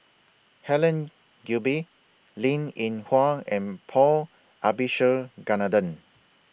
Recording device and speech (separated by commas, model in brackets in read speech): boundary microphone (BM630), read sentence